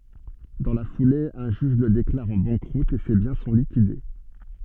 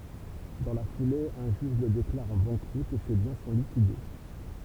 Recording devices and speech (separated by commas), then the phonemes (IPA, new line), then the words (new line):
soft in-ear microphone, temple vibration pickup, read sentence
dɑ̃ la fule œ̃ ʒyʒ lə deklaʁ ɑ̃ bɑ̃kʁut e se bjɛ̃ sɔ̃ likide
Dans la foulée, un juge le déclare en banqueroute et ses biens sont liquidés.